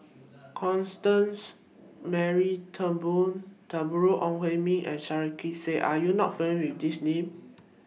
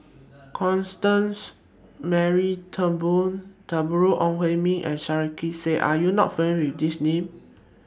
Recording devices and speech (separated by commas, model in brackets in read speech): mobile phone (iPhone 6), standing microphone (AKG C214), read sentence